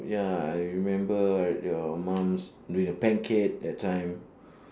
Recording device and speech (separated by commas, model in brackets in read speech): standing microphone, conversation in separate rooms